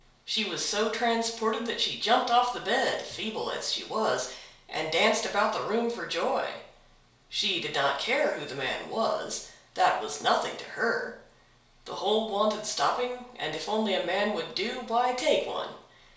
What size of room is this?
A compact room (about 3.7 m by 2.7 m).